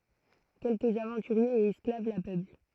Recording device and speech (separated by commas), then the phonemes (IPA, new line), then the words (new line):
throat microphone, read sentence
kɛlkəz avɑ̃tyʁjez e ɛsklav la pøpl
Quelques aventuriers et esclaves la peuplent.